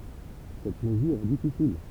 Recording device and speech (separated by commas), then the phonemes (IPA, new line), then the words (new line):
temple vibration pickup, read sentence
sɛt məzyʁ ɛ difisil
Cette mesure est difficile.